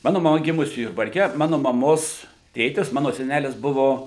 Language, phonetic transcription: Lithuanian, ˈmanu maˈma ˈgimusi jurbarˈke ˈmanu maˈmos ˈtėtis ˈmano seˈnælis ˈbuvo

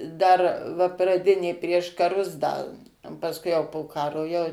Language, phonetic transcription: Lithuanian, dar va praˈdinė prieš kaˈrus ˈda o pasˈkui jau po ˈkaro ˈjau

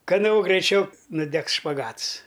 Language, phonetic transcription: Lithuanian, kaˈno graiˈčiau nuˈdegs špaˈgats

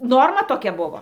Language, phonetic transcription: Lithuanian, ˈnorma toˈkia ˈbuvo

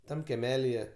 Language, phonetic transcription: Lithuanian, ˈtam keˈmelije

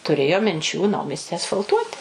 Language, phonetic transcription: Lithuanian, tuˈrėjo minˈčių ˈnaumiesti asfalˈtuoti

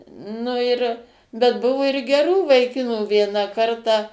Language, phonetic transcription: Lithuanian, ˈnu ir bet ˈbuvu ir geˈrų vaiˈkinų ˈviena ˈkartą

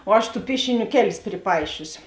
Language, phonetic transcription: Lithuanian, o ˈaš ˈtų ˈpiešiˌnių ˈkeˌlis priˈpaišiusi

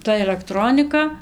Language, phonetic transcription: Lithuanian, ˈta elekˈtronika

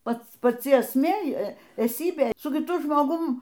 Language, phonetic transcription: Lithuanian, ˈpats paˈci esˈmė eˈsybė su kiˈtu žmoˈgum

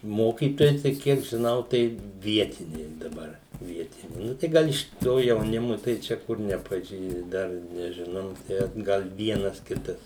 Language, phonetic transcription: Lithuanian, ˈmokytojai tai ˈkiek žiˈnau tai ˈvietiniai daˈbar ˈvietiniai ˈnu tai ˈgal iš ˈto jauˈnimu tai ˈčia ˈkur nepaˈžį ˈdar nežiˈnau ˈtę ˈgal ˈvienas ˈkitas

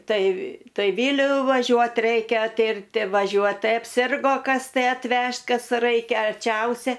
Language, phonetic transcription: Lithuanian, ˈtai ˈtai ˈvyliu vaˈžiuot ˈreikia ˈtirti vaˈžiuot ˈtai apˈsirgo ˈkas tai atˈvežt ˈkas ˈraikia arˈčiausia

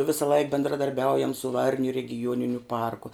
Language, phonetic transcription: Lithuanian, ˈvisaˈlaik bendradarˈbiaujam su ˈvarniu regiˈjuoniniu ˈparku

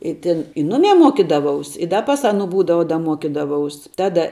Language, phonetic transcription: Lithuanian, i ˈtin i ˈnumei ˈmuokydavaus i ˈda pas ˈaˌnu ˈbūdava da ˈmuokydavaus ˈtada

